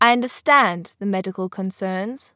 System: none